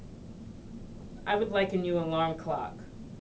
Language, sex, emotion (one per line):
English
female
neutral